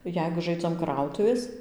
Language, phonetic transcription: Lithuanian, ˈjeigu ˈžaidzam ˈkrautuvės

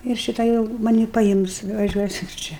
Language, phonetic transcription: Lithuanian, ir ˈšita jau maˈnį paˈims važiuoˈsim ˈčia

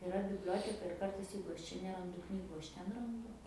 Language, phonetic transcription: Lithuanian, iˈra bibˈlioteka ir ˈkartais ˈjeigu ˈaš ˈčia neˈrandu ˈknygu ˈaš ˈten ranˈdu

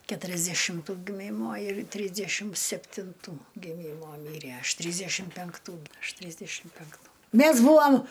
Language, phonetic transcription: Lithuanian, keturiasdešimˈtų giˈmymo ir ˈtrysdešim septinˈtų giˈmymo ˈmyræ ˈaš ˈtrysdešim penkˈtų ˈaš ˈtrysdešim penkˈtų ˈmæs ˈbūam

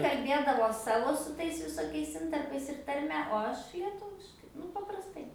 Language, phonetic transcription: Lithuanian, kalˈbėdavo ˈsavo su ˈtais visoˈkiais ˈintarpais ir tarˈme o ˈaš lieˈtuviškai ˈnu paprasˈtai

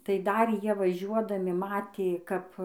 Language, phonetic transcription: Lithuanian, tai ˈdar ˈjie vaˈžiuodami ˈmatė ˈkap

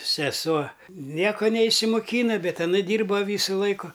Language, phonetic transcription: Lithuanian, seˈsuo ˈnieko neišsimoˈkyna ˈbet aˈna ˈdyrba ˈvysu ˈlaiku

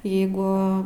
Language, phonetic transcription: Lithuanian, ˈjeigu

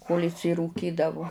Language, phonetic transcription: Lithuanian, kol' išsirūˈkydavu

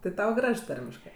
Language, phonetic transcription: Lithuanian, tɜ ˈtau ˈgraž ˈtarmiškɜ

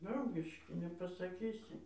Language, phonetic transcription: Lithuanian, ˈdraugiški nepasaˈkysi

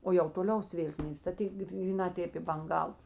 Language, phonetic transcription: Lithuanian, o jau toˈliaus ˈvėl ˈsmėlis ta ˈtėk gryˈnā ˈtėp i banˈgav

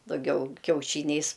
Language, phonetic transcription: Lithuanian, daˈgiau kiauˈšyniais

